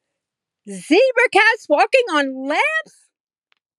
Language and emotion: English, disgusted